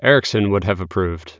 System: none